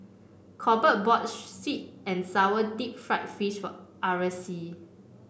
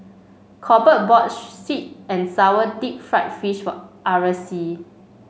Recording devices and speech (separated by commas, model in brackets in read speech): boundary microphone (BM630), mobile phone (Samsung C5), read sentence